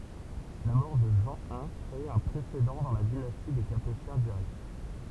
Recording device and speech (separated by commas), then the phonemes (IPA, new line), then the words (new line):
temple vibration pickup, read sentence
la mɔʁ də ʒɑ̃ i kʁe œ̃ pʁesedɑ̃ dɑ̃ la dinasti de kapetjɛ̃ diʁɛkt
La mort de Jean I crée un précédent dans la dynastie des Capétiens directs.